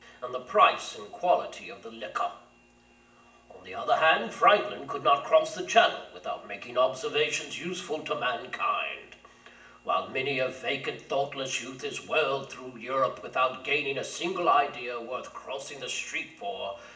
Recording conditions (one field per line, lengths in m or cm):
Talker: one person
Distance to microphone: 1.8 m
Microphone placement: close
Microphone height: 1.0 m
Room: large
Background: none